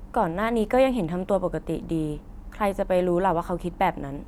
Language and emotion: Thai, frustrated